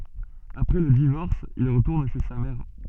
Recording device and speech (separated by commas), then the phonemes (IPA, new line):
soft in-ear microphone, read sentence
apʁɛ lə divɔʁs il ʁətuʁn ʃe sa mɛʁ